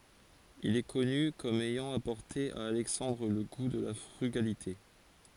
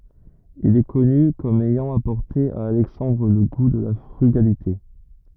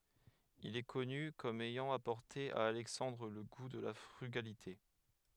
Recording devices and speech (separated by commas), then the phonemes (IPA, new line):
forehead accelerometer, rigid in-ear microphone, headset microphone, read sentence
il ɛ kɔny kɔm ɛjɑ̃ apɔʁte a alɛksɑ̃dʁ lə ɡu də la fʁyɡalite